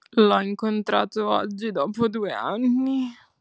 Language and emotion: Italian, fearful